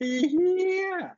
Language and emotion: Thai, happy